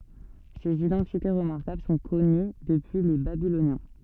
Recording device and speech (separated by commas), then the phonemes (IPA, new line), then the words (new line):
soft in-ear microphone, read sentence
sez idɑ̃tite ʁəmaʁkabl sɔ̃ kɔny dəpyi le babilonjɛ̃
Ces identités remarquables sont connues depuis les Babyloniens.